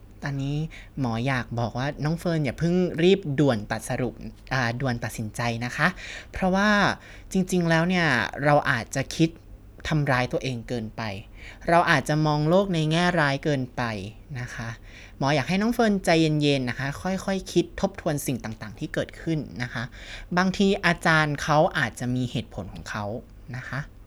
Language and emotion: Thai, neutral